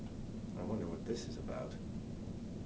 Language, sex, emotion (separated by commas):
English, male, fearful